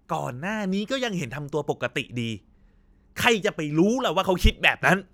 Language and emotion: Thai, angry